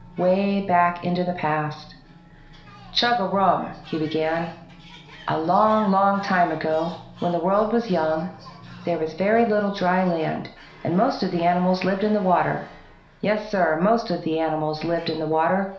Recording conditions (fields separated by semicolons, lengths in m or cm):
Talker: one person; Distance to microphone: 1.0 m; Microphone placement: close; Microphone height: 1.1 m; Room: small (3.7 m by 2.7 m); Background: television